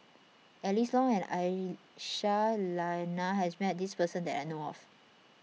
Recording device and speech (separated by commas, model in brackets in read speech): mobile phone (iPhone 6), read sentence